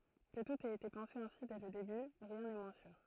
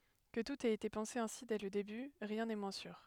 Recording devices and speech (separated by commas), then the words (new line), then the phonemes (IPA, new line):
throat microphone, headset microphone, read sentence
Que tout ait été pensé ainsi dès le début, rien n'est moins sûr.
kə tut ɛt ete pɑ̃se ɛ̃si dɛ lə deby ʁjɛ̃ nɛ mwɛ̃ syʁ